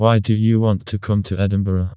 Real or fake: fake